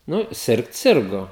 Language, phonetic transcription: Lithuanian, ˈnu ˈsirgt ˈsirgo

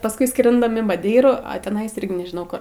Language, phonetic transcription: Lithuanian, pasˈkui ˈskrindam in maˈdeirų a tiˈnais ˈirgi nežiˈnau kur

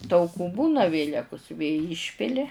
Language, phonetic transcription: Lithuanian, tauˈkų ˈbūna ˈvėlekus vė ˈyšpili

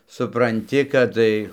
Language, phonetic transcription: Lithuanian, supranˈti kad ˈtai

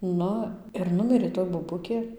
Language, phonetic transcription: Lithuanian, ˈnu ir ˈnumirė toj boˈbukė

